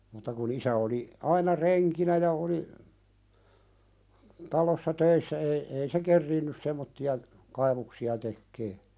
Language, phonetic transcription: Finnish, mutta ku'n ‿isä oli , 'aina "reŋkinä ja oli , 'talossa "töissä ei , ei se "kerriinnys semmotti₍a , 'kaivuksi₍a tekkee .
- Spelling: mutta kun isä oli aina renkinä ja oli talossa töissä ei ei se kerinnyt semmoisia kaivuksia tekemään

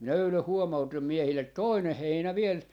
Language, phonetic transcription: Finnish, minä 'öylöh 'huomautim 'miehillet "toineh 'heinä 'viel , .
- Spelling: minä eilen huomautin miehille toinen heinä vielä

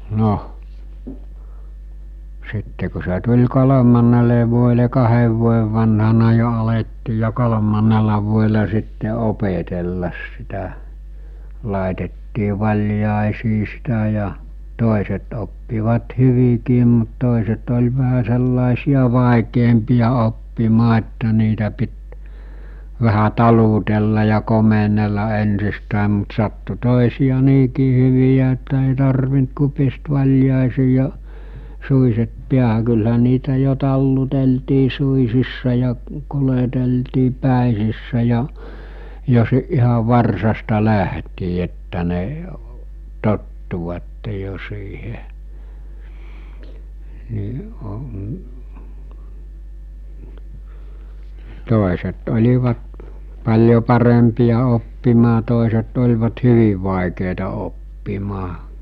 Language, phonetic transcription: Finnish, 'no , 'sitte ku se tuĺ 'kolomannele vuoele 'kahev vuojev vanhana jo alettii ja 'kolomaǹela vuoela sitte 'opetellas sitä , làetettii 'vaĺjàesii sitä ja , 'tòiset oppivat 'hyvikiim mut 'tòiset oĺ vähä sellàesia 'vàikeempìja 'oppimaa että niitä pit , vähä 'talutella ja 'komenella ensistä̀em mut sattu 'tòesìja 'niikii hyvijä että èì 'tarvint ku pist 'vaĺjàesii ja , 'suiset 'piähä kylhä 'niitä jo 'talluteltii 'suisissa ja , 'kuleteltii 'pä̀esissä ja , jo si- , iha 'varsasta'lähtii että ne , 'tottuvatte jo siihe , ni , o-,.'tòeset 'oĺivat , paĺjo 'parempija oppimaa 'tòeset'oĺvat 'hyviv vàekèita oppimaa .
- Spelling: no sitten kun se tuli kolmannelle vuodelle kahden vuoden vanhana jo alettiin ja kolmannella vuodella sitten opetella sitä laitettiin valjaisiin sitä ja toiset oppivat hyvinkin mutta toiset oli vähän sellaisia vaikeampia oppimaan että niitä piti vähän talutella ja komennella ensistään mutta sattui toisia niinkin hyviä että ei tarvinnut kuin pistää valjaisiin ja suitset päähän kyllähän niitä jo taluteltiin suitsissa ja kuljeteltiin päitsissä ja jo - ihan varsasta lähtien että ne tottuivat jo siihen niin - toiset olivat paljon parempia oppimaan toiset olivat hyvin vaikeita oppimaan

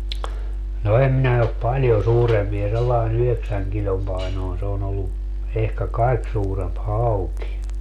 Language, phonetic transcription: Finnish, no 'em minä op "paĺjo 'suurempie sellai'n ‿yheksäŋ kiĺom painòin se on ‿ollu , ehkä "kaik suuremp "hauki .
- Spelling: no en minä ole paljon suurempia sellainen yhdeksän kilon painoinen se on ollut ehkä kaikki suurempi hauki

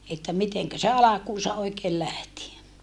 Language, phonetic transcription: Finnish, että miteŋkä se alakuusa oikeel lähti ?
- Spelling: että miten se alkuunsa oikein lähti

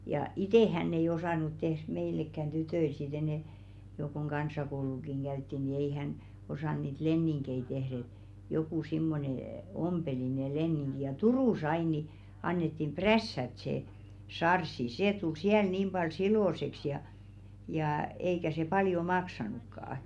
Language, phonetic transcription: Finnish, ja "itè hänn ‿ei 'osànu tehʀ 'meilekkän "tytöil si't ‿enɛ , jo koŋ "kans̀akoulukiŋ 'ɢäytti ni ei 'hän , osàn niit "lenniŋkei tehr ‿et , jokù simmone , "ompeli ne 'lenniŋɢi ja "Turùs ‿ain ni , 'annettim "prässät se , 'sarssi "sè tul 'siäl 'niim ʙal "silòseks ja , jaa , eikä se "paljo 'maksanukkaa .
- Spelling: ja itse hän ei osannut tehdä meillekään tytöille sitten enää jo kun kansakoulukin käytiin niin ei hän osannut niitä leninkejä tehdä että joku semmoinen ompeli ne leningit ja Turussa aina niin annettiin prässätä se sarssi se tuli siellä niin paljon siloiseksi ja ja eikä se paljon maksanutkaan

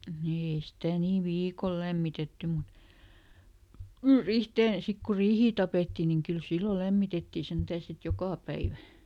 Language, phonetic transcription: Finnish, ni ei ˈsitä̀ nii "viikol ˈlämmitetty mut , ri- , "rihteen̬ , ˈsik ku "riihii tapètti niŋ ˈkyl "sillo ˈlämmitettì ˈsentää sit "jokà päivä .
- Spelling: niin ei sitä niin viikolla lämmitetty mutta - riiheen sitten kun riihiä tapettiin niin kyllä silloin lämmitettiin sentään sitten joka päivä

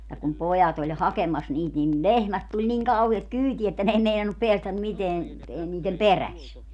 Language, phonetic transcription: Finnish, ja kum 'pojat ‿oĺ 'hakemas 'niit nin "lehmät 'tuĺ 'niŋ kauhiet "kyytiä että 'n ‿ei meinannup 'peästäm 'miteän , e niitem 'peräs .
- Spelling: ja kun pojat oli hakemassa niitä niin lehmät tuli niin kauheaa kyytiä että ne ei meinannut päästä mitään ei niiden perässä

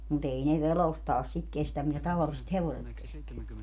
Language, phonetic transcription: Finnish, mu't ‿ei ne 'verostaas sit 'kestäm mitä 'tavaliset "hevoset 'kesteä .
- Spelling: mutta ei ne vedostaan sitä kestä mitä tavalliset hevoset kestää

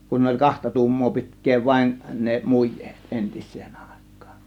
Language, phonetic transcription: Finnish, kun oĺ "kahta "tu̬ummoo 'pi̬tk̆kee 'vaėn ne "muj̆jEEt , "ˀentis̆seen 'Àe̬kkAAN .
- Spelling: kun oli kahta tuumaa pitkää vain ne mujeet entiseen aikaan

